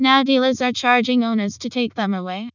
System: TTS, vocoder